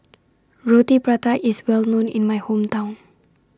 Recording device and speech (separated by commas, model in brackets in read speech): standing microphone (AKG C214), read sentence